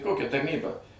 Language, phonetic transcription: Lithuanian, ˈkokia tarˈnyba

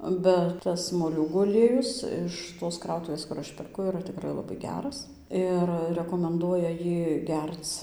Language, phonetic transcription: Lithuanian, bet ˈtas moˈliūgų aˈliejus iš tos ˈkrautuvės kur ˈaš perˈku yˈra tikˈrai labai ˈgeras ˈir rekomenˈduoja ˈjį ˈgerc

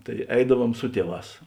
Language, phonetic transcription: Lithuanian, tai ˈeidaˌvuom ˈsu tieˌvās

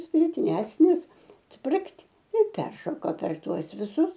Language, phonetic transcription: Lithuanian, spiˈtresnis ˈsprikt i ˈperšoko per ˈtuos viˈsus

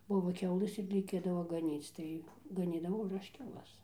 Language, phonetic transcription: Lithuanian, ˈbuvo ˈkiaulɘs ir reiˈkėdavo gaˈnyc ˈtai gaˈnydavau ir ˈaš kiauˈlas

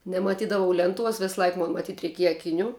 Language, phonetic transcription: Lithuanian, nemaˈtydavau ˈlenˌtuos ˈvisˈlaik ˈmon maˈtyt reiˈkieja akiˈnių

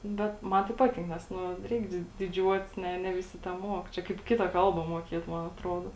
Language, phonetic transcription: Lithuanian, ˈbet ˈman tai ˈpatink ˈnes ˈnu ˈreik di diˈdžiuotis ˈne ne viˈsi teˈmuok ˈčia kaip ˈkita ˈkalba muoˈkėt ˈman atˈrodo

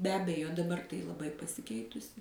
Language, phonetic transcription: Lithuanian, be ˈabejo daˈbar tai laˈbai pasiˈkeitusi

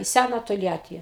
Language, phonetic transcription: Lithuanian, į ˈsæna tolˈjatį

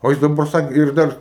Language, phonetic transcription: Lithuanian, o ˈjis daˈbar ˈsake ir ˈdar

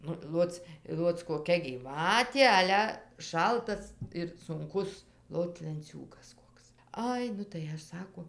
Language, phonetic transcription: Lithuanian, ˈnu ˈloc ˈloc koˈkia gyˈvatė ˈale ˈšaltas ir sunˈkus ˈlot lenˈciūgas ˈkoks ˈai nu tai ˈaš ˈsako

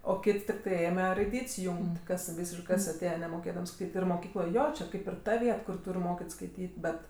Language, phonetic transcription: Lithuanian, o ˈkit' tikˈtai ˈėme raiˈdyt's' ˈjūng't' kas ˈvysiškɜ ˈkas aˈtėje nemoˈkėdams kaip ir moˈkykloj ˈjo čia ˈkaip ir ˈta ˈviet kur ˈtūr' ˈmokit' skaiˈtyt' ˈbet

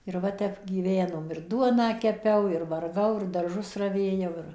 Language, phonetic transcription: Lithuanian, ir ˈva ˈtep gyˈvenom ir ˈduoną keˈpiau ir varˈgau ir darˈžus raˈvėjau ˈir

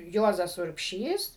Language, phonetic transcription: Lithuanian, ˈjuozas urbˈšys

